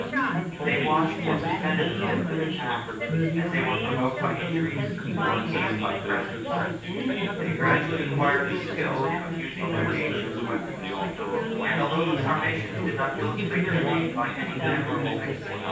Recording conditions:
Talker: one person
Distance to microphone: 9.8 m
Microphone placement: far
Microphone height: 1.8 m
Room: large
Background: babble

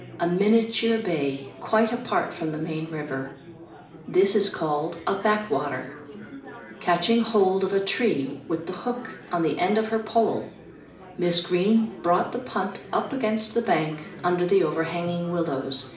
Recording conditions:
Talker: one person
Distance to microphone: 2.0 m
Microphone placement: close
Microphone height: 99 cm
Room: medium-sized (5.7 m by 4.0 m)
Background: babble

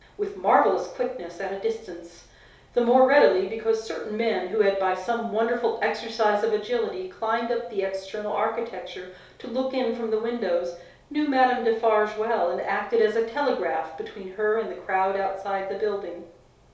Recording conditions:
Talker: one person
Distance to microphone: 3.0 m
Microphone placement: far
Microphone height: 1.8 m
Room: small (3.7 m by 2.7 m)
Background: none

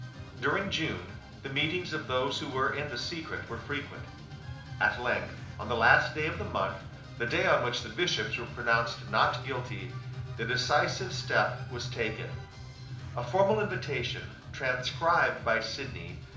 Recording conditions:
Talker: one person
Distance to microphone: 2.0 m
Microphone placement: close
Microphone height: 99 cm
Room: medium-sized (5.7 m by 4.0 m)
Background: music

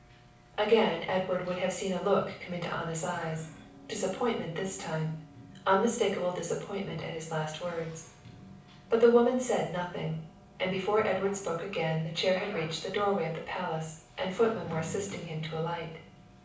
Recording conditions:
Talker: one person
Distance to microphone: 5.8 m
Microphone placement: far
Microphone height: 1.8 m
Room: medium-sized (5.7 m by 4.0 m)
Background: television

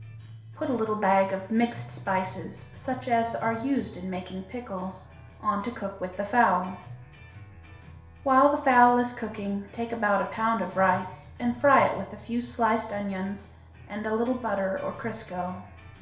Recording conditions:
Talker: one person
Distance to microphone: 1.0 m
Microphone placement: close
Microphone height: 1.1 m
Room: small (3.7 m by 2.7 m)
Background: music

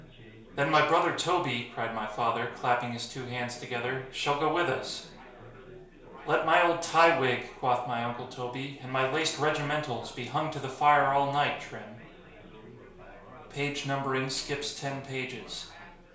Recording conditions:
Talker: one person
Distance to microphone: 1.0 m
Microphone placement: close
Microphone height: 1.1 m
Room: small (3.7 m by 2.7 m)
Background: babble

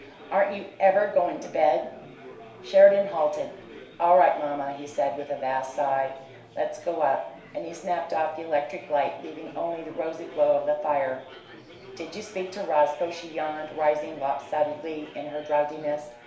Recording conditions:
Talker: one person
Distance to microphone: 1.0 m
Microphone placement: close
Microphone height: 1.1 m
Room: small (3.7 m by 2.7 m)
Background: babble

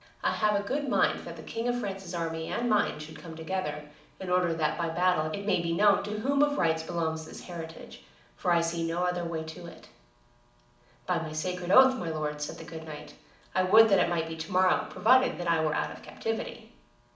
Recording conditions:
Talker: one person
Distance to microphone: 2.0 m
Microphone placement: close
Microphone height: 99 cm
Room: medium-sized (5.7 m by 4.0 m)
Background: none

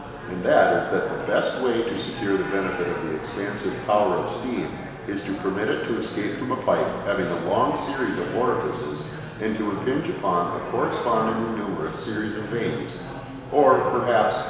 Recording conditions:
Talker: one person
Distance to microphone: 1.7 m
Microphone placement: close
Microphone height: 1.0 m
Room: very reverberant, large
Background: babble

